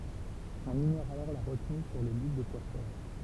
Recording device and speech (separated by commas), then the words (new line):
temple vibration pickup, read sentence
On ignore alors la retenue sur le bit de poids fort.